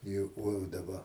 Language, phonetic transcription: Lithuanian, ˈjuk ko jau daˈba

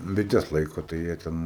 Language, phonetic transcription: Lithuanian, biˈtes ˈlaiko tai ˈjie ten

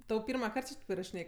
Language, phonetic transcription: Lithuanian, tau ˈpirmaˌkart či ˈtaip irašiˈnėj

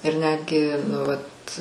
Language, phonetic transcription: Lithuanian, ir ˈnetgi nu ˈvat

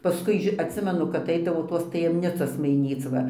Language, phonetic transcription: Lithuanian, ˈpaskui atˈsimenu kap ˈeidavo ˈtos tajemˈnicos maiˈnyc va

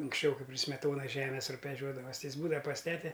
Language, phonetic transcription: Lithuanian, unksˈčiau ˈkaip pri smeˈtonas ˈžemes rubeˈžiuodavas ˈti ˈjis ˈbūda pas ˈtete

